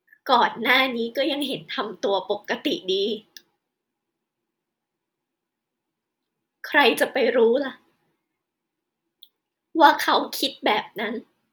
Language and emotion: Thai, sad